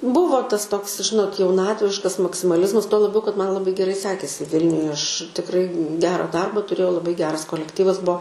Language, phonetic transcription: Lithuanian, ˈbūvo ˈtas ˈtoks ˈžinot jauˈnatviškas maksimaˈlizmas tuo laˈbiau kad ˈman ˈlabai geˈrai ˈsekėsi ˈvilniuje ˈaš tikˈrai ˈgera dˈarba tuˈrėjau laˈbai ˈgeras kolekˈtyvas ˈbuo

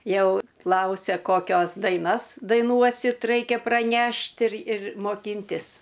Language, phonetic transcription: Lithuanian, ˈjau ˈklausia koˈkios daiˈnas daiˈnuosit ˈraikia praˈnešt' ir ir moˈkintis

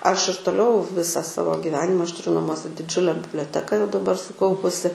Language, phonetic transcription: Lithuanian, aš ir toˈliau ˈvisa ˈsavo giˈvenima aš tuˈriu naˈmuose su diˈdžiule biblioˈteka jau daˈbar suˈkaupusi

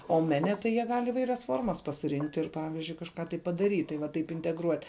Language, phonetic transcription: Lithuanian, o ˈmene tai jie ˈgal' iˈvairias ˈformas pasiˈrinkt' ir ˈpavizdžiui kažˈką tai padaˈryt' tai va ˈtaip integˈruot'

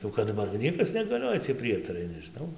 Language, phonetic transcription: Lithuanian, jau ˌkad daˈbar gi ˈniekas negaˈlioja ciej ˈprietarai nežiˈnau

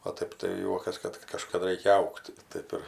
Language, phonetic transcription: Lithuanian, o ˈtaip tai ˈjuokas ˈkad kad kažkaˈda ˈraikia ˈaugt' ˈtaip ir

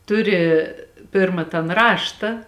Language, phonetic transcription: Lithuanian, ˈtuˌri ˈpirma tan ˈrašta

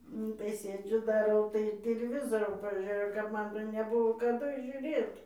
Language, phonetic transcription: Lithuanian, ˈnu tai ˈsėdžiu daˈrau tai tiliˈvizoro paˈžėjau kap ˈman ten neˈbuvo kaˈdu žiuˈrėt

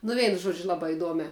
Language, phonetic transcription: Lithuanian, nu ˈveinu ˈžuodžiu ˈlabā iˈduomiā

